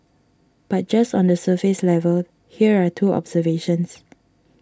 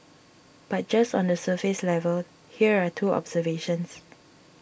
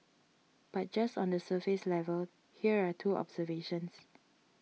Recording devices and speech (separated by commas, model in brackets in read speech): standing microphone (AKG C214), boundary microphone (BM630), mobile phone (iPhone 6), read sentence